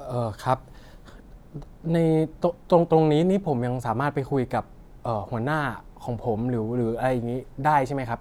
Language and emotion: Thai, neutral